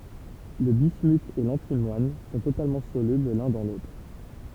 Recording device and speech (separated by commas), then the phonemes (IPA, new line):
temple vibration pickup, read sentence
lə bismyt e lɑ̃timwan sɔ̃ totalmɑ̃ solybl lœ̃ dɑ̃ lotʁ